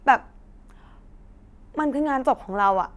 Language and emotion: Thai, sad